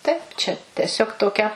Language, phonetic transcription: Lithuanian, ˈtaip čia teˈsiog toˈkia

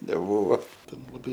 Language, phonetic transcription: Lithuanian, neˈbūvo ˈten laˈbai

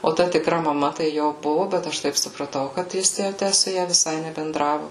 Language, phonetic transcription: Lithuanian, o ˈta tikˈra maˈma tai ˈjo ˈbuvu bet ˈaš taip supraˈtau kad ˈjis jau ˈtæ su ˈja viˈsai nebenˈdravu

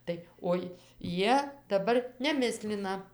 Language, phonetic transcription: Lithuanian, ˈtai oi ˈjie daˈbar neˈmislina

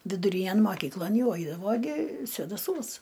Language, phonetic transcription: Lithuanian, viduˈrynæn moˈkyklon ˈjau ˈaidavo gi svėdaˈsuos

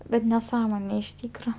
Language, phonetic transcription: Lithuanian, ˈbet neˈsąmonė iš ˈtykro

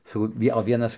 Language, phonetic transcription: Lithuanian, saˈkau ˈvie o ˈvienas

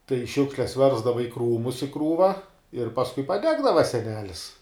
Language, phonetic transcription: Lithuanian, tai ˈšiukšles ˈversdava i ˈkrūmus i ˈkrūva ir pasˈkui paˈdegdava seˈnelis

